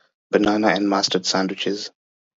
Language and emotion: English, happy